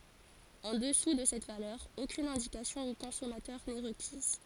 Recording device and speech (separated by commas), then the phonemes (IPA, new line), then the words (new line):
forehead accelerometer, read sentence
ɑ̃ dəsu də sɛt valœʁ okyn ɛ̃dikasjɔ̃ o kɔ̃sɔmatœʁ nɛ ʁəkiz
En dessous de cette valeur, aucune indication au consommateur n'est requise.